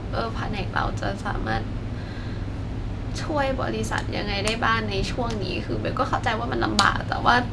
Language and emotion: Thai, sad